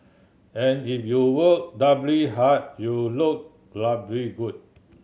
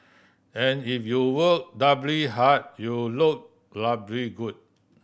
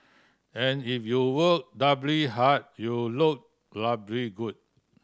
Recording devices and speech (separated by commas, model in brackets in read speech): mobile phone (Samsung C7100), boundary microphone (BM630), standing microphone (AKG C214), read sentence